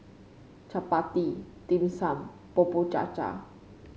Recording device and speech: mobile phone (Samsung C5), read sentence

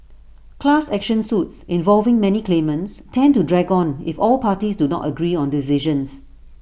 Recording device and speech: boundary microphone (BM630), read sentence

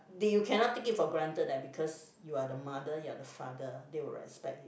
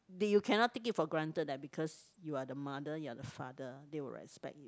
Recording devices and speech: boundary microphone, close-talking microphone, conversation in the same room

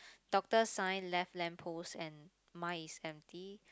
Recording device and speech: close-talking microphone, conversation in the same room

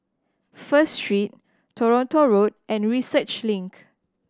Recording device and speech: standing microphone (AKG C214), read sentence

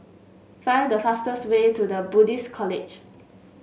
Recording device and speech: mobile phone (Samsung S8), read sentence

